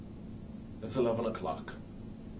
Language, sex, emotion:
English, male, neutral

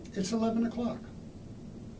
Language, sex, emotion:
English, male, neutral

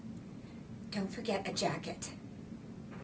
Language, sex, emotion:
English, female, disgusted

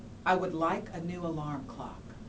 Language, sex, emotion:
English, female, neutral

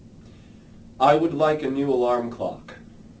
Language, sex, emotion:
English, male, neutral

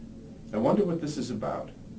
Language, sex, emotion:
English, male, neutral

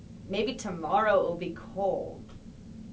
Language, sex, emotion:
English, female, neutral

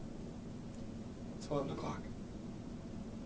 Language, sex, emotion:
English, male, neutral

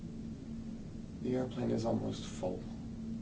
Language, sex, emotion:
English, male, neutral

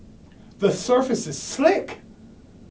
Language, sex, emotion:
English, male, fearful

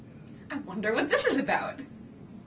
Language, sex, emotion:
English, female, happy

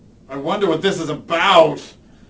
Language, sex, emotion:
English, male, fearful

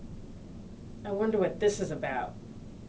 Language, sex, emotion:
English, female, disgusted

